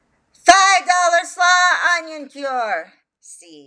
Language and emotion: English, neutral